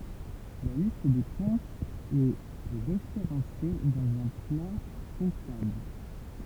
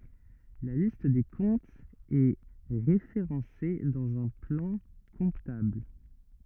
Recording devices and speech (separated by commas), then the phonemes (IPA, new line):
temple vibration pickup, rigid in-ear microphone, read sentence
la list de kɔ̃tz ɛ ʁefeʁɑ̃se dɑ̃z œ̃ plɑ̃ kɔ̃tabl